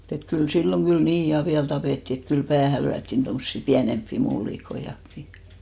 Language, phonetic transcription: Finnish, et kyl 'silloŋ ɢyl "nii 'ja 'viäl 'tapètti et 'kyl "päähä 'lyättin tomssi 'piänemppi 'mullikoiʲakki .
- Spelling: että kyllä silloin kyllä niin ja vielä tapettiin että kyllä päähän lyötiin tuommoisia pienempiä mullikoitakin

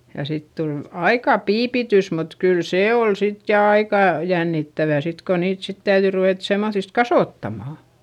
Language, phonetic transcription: Finnish, ja sit tul , aikà piipitys mut kyl see ol sit ja aikà , jännittävä sit ko niit sit täyδyi ruvèt semmoϑist kasòttamà .
- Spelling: ja sitten tuli aika piipitys mutta kyllä se oli sitten ja aika jännittävää sitten kun niitä sitten täytyi ruveta semmoisista kasvattamaan

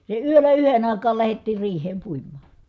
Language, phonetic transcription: Finnish, se yölä yhen ‿àikaal lähettiir riih̀eem puim̀aA .
- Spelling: se yöllä yhden aikaan lähdettiin riiheen puimaan

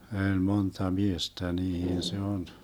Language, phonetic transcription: Finnish, 'ö̀ĺ 'monta "miestä 'niihin se 'on ,.
- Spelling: oli monta miestä niihin se on

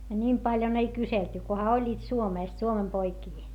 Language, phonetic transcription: Finnish, a ńim paljon ‿ei kyselty , koha oĺĺiit Suomèst Suomem poikii .
- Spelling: a nimiä paljon ei kyselty kunhan olivat Suomesta Suomen poikia

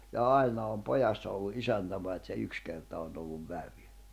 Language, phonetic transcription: Finnish, ja "ai̬na om "pojassa ollu "’isäntä pait se 'yks kerta onⁿ ‿olluv "vävy .
- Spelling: ja aina on pojassa ollut isäntä paitsi se yksi kerta on ollut vävy

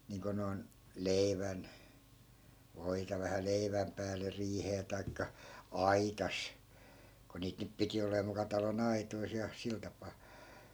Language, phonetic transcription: Finnish, niiŋko noi̮n , "leivän , 'voita vähä 'leiväm pääle 'riihee tai̮kka , "aitas , ko 'niit nyp 'piti olee muka 'talo"n ‿aitois ja , 'sil tapaa .
- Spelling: niin kuin noin leivän voita vähän leivän päälle riiheen tai aitassa kun niitä nyt piti oleman muka talon aitoissa ja sillä tapaa

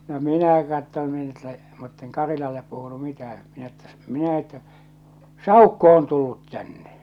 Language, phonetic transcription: Finnish, no "minä katton̳ min ‿että , mutteŋ "Karilallep puhunu 'mitähää̰ minä ‿ttä , 'minä että , » "sàukko on tullut tänne ! «
- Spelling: no minä katsoin minä että mutta en Karilalle puhunut mitään minä että minä että saukko on tullut tänne

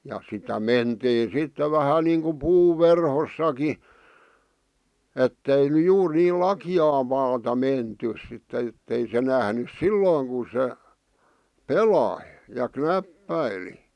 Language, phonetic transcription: Finnish, ja sitä "mentii 'sitte vähä niiŋku "puuv 'verhossaki , ettei ny "juur 'niil "laki₍aa maata 'mentys sitt ‿ettei se nähnys "sillooŋ ku se , "pelai , ja "knäppäili .
- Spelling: ja sitä mentiin sitten vähän niin kuin puun verhossakin että ei nyt juuri niin lakeaa maata menty sitten että ei se nähnyt silloin kun se pelasi ja knäppäili

